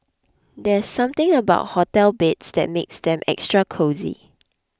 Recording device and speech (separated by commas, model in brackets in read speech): close-talking microphone (WH20), read sentence